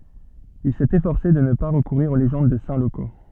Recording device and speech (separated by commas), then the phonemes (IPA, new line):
soft in-ear microphone, read sentence
il sɛt efɔʁse də nə pa ʁəkuʁiʁ o leʒɑ̃d də sɛ̃ loko